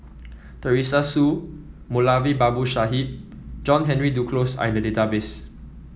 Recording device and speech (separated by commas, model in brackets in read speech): mobile phone (iPhone 7), read sentence